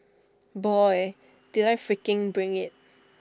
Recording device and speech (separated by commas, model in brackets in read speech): standing microphone (AKG C214), read sentence